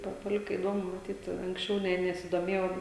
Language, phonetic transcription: Lithuanian, ˈpa paˈlika iˈdomu maˈtyt anksˈčiau ˈne nesiˈdomėjau

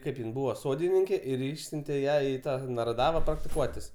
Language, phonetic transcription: Lithuanian, ˈkaip jin ˈbūva ˈsodininkė ir ˈišsiuntė ˈją i ˈtą naraˈdava praktiˈkuotis

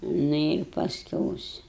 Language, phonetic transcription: Lithuanian, ˈnu ir pasˈkiaus

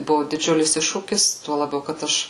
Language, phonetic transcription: Lithuanian, ˈbuvu diˈdžiulis ˈiššūkis ˈtuo laˈbiau kad ˈaš

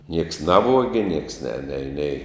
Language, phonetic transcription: Lithuanian, nieks ˈnavuogi nieks ne nei nei

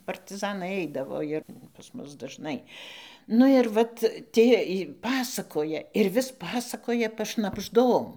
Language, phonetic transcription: Lithuanian, partiˈzanai ˈaidavo ir pas ˈmus dažˈnai ˈnu ir ˈvat ˈtie i ˈpasakoja ir vis ˈpasakoja pašnabžˈdom

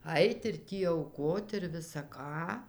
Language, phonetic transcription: Lithuanian, ˈait ir ˈtį auˈkot ir visa ˈką

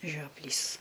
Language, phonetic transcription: Lithuanian, žioˈplys

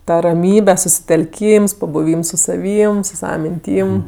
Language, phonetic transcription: Lithuanian, ˈta raˈmybe susitelˈkyms pabuˈvyms su saˈvym su ˈsava minˈtym

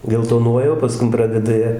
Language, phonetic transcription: Lithuanian, geltoˈnuoja o paˈskum ˈpradeda ˈjie

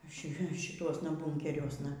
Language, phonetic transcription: Lithuanian, ˈši šiˈtuosna ˈbunkeriuosna

